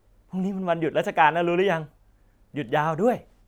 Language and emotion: Thai, happy